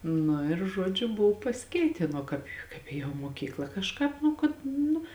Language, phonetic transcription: Lithuanian, ˈnu ir ˈžuodžiu ˈbuv pasiˈkeitėn ˈo kāp kaip ˈėjom moˈkykla kažˈkāp ˈnu kad ˈnu

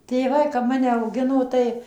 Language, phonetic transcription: Lithuanian, tėˈvai kap ˈmane auˈgino ˈtai

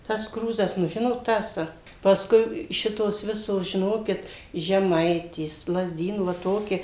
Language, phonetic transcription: Lithuanian, tas ˈkrūzas nu ˈžinot ˈtas pasˈkui ˈšitos ˈvisos žiˈnokit žeˈmaitės lazˈdynų va ˈtoki

